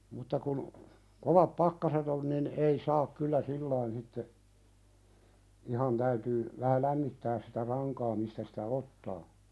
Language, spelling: Finnish, mutta kun kovat pakkaset oli niin ei saa kyllä silloin sitten ihan täytyy vähän lämmittää sitä rankaa mistä sitä ottaa
- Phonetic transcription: mutta kun , 'kovap "pakkaset ‿olⁱ nin '’ei 'saak kyllä "sillain sitte , 'ihan täytyy , vähä "lämmittääs sitä 'raŋkaa mistä sitä "ottaa .

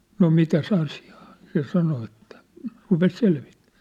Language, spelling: Finnish, no mitäs asiaa se sanoi että rupesi selvittämään
- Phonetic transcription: » no 'mitäs 'asɪ₍ᴀᴀ ? « se 'sano ettᴀ̈ , rupes 'selvɪttᴀ̈ᴀ̈ .

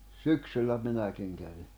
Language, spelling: Finnish, syksyllä minäkin kävin
- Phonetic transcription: syksyllä 'minäkiŋ kävi .

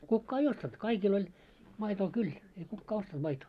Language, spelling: Finnish, kukaan ei ostanut kaikilla oli maitoa kyllä ei kukaan ostanut maitoa
- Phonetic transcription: 'kukkaa ei "ostant , 'kaikil ‿oĺ , maitoo 'kyl , ei 'kukkaa 'ostant 'maitoo .

